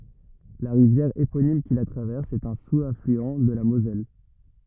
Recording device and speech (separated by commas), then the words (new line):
rigid in-ear microphone, read sentence
La rivière éponyme qui la traverse est un sous-affluent de la Moselle.